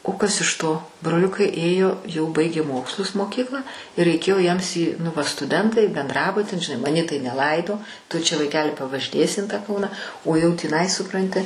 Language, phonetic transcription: Lithuanian, o ˈkas iš ˈto broˈliukai ˈėjo jau ˈbaigė ˈmokslus moˈkyklą i reiˈkėjo jiems į nu ˈva stuˈdentai benˈdrabutin žiˈnai maˈnį tai neˈlaido tu čia vaiˈkeli pavažiˈnėsi in tą ˈkauna o jau tįˈnai suˈpranti

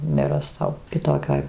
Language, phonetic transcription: Lithuanian, neraˈstau kiˈtokioj

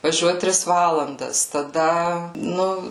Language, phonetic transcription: Lithuanian, vaˈžiuot ˈtris ˈvalandas taˈda ˈnu

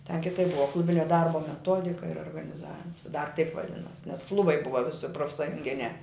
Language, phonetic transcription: Lithuanian, ten kiˈtaip ˈbuva ˈklubinia ˈdarbo meˈtodika ir organiˈzavim dar taip vaˈdinos nes ˈklubai ˈbuva ˈvisi profsajunˈginiā

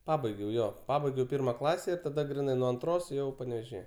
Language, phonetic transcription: Lithuanian, ˈpabaigiau ˈjo ˈpabaigiau ˈpirma ˈklase ir taˈda griˈnai nuo anˈtros ˈjau panevėžiˈje

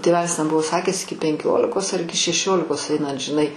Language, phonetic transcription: Lithuanian, tėˈvelis ten ˈbuvo ˈsakęs ˈiki penˈkiolikos ar ˈiki šeˈšiolikos ˈainat žiˈnai

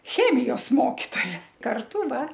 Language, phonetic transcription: Lithuanian, ˈchemijos ˈmokitoja karˈtu ˈdar

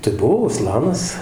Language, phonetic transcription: Lithuanian, tai ˈbuvo uˈslanas

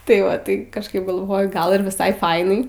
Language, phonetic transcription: Lithuanian, tai ˈva tai kažˈkaip galˈvoju ˈgal ir viˈsai ˈfainai

